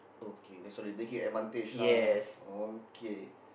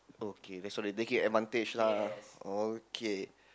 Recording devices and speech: boundary microphone, close-talking microphone, conversation in the same room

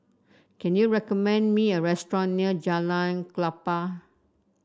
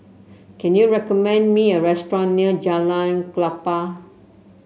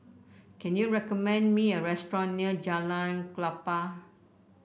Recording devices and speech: standing microphone (AKG C214), mobile phone (Samsung C7), boundary microphone (BM630), read sentence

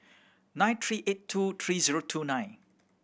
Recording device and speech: boundary microphone (BM630), read sentence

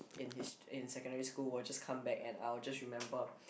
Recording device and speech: boundary microphone, conversation in the same room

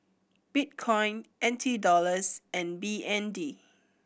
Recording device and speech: boundary microphone (BM630), read sentence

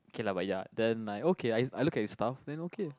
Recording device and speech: close-talking microphone, conversation in the same room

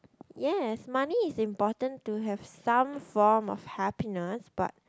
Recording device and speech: close-talking microphone, conversation in the same room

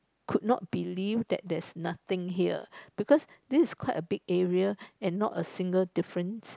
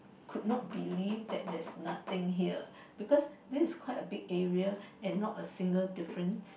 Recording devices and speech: close-talking microphone, boundary microphone, conversation in the same room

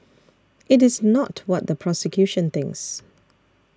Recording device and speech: standing microphone (AKG C214), read sentence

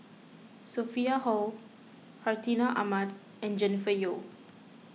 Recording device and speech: mobile phone (iPhone 6), read sentence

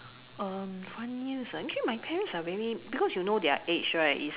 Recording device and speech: telephone, conversation in separate rooms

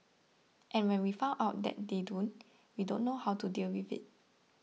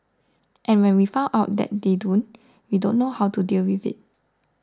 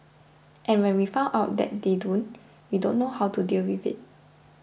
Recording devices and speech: mobile phone (iPhone 6), standing microphone (AKG C214), boundary microphone (BM630), read sentence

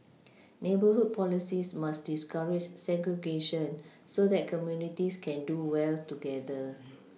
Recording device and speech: mobile phone (iPhone 6), read sentence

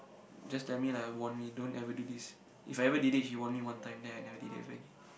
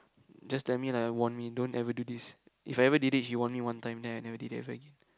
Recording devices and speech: boundary microphone, close-talking microphone, conversation in the same room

